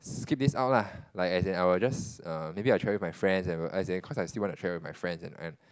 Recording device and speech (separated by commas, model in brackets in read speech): close-talking microphone, conversation in the same room